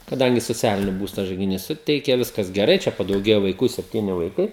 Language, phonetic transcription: Lithuanian, kaˈdangi soˈcialini ˈbūsta žaigiˈnys ˈsuteike ˈviskas geˈrai ˈčia padauˈgėja vaiˈkų sepˈtyni vaiˈkai

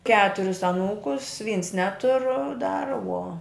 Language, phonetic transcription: Lithuanian, ˈketuris aˈnūkus vyns ˈnetur dar uo

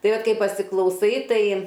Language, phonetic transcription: Lithuanian, ˈtai ˈvat ˈkai pasiklauˈsai ˈtai

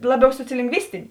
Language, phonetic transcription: Lithuanian, ˈlaˌbiau sociolingˈvistinė

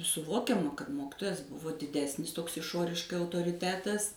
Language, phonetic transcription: Lithuanian, suˈvokiama kad ˈmokitojas ˈbuvo diˈdesnis ˈtoks iˈšoriškai autoriˈtetas

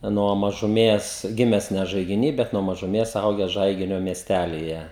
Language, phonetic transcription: Lithuanian, nuo mažuˈmės ˈgimes ne žaigiˈny bet nuo mažuˈmės ˈaugęs ˈžaiginio miesˈtælyje

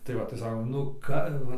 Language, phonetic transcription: Lithuanian, tai ˈva tai ˈsakom nu ˈka

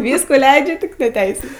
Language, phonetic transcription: Lithuanian, ˈvyskų ˈleidžia tik ne ˈteisių

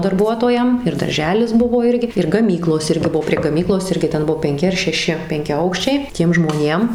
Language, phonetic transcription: Lithuanian, darˈbuotojam ir darˈželis ˈbuvo ˈirgi ir gaˈmyklos ˈirgi ˈbuvo prie gaˈmyklos ˈirgi ˈten ˈbuvo penˈki ar šeˈši penkiaˈaukščiai ˈtiem žmoˈnėm

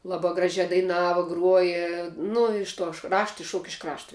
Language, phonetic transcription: Lithuanian, ˈlaba ˈgražia daiˈnava ˈgruoja ˈnu iš tuoš ˈrašta išˈšuok iš ˈkrašto

